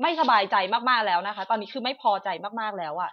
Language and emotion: Thai, angry